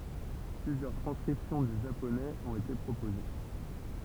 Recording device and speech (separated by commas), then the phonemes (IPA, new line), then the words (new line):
temple vibration pickup, read sentence
plyzjœʁ tʁɑ̃skʁipsjɔ̃ dy ʒaponɛz ɔ̃t ete pʁopoze
Plusieurs transcriptions du japonais ont été proposées.